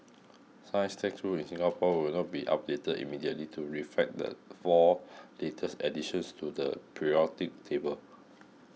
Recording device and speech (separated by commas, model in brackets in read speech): mobile phone (iPhone 6), read sentence